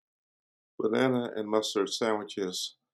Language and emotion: English, fearful